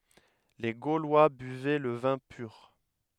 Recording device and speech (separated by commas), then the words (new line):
headset microphone, read sentence
Les Gaulois buvaient le vin pur.